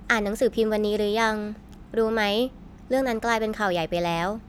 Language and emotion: Thai, neutral